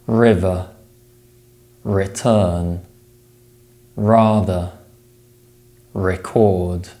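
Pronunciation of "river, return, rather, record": These words are said in a non-rhotic accent: the letter R is pronounced only before vowel sounds.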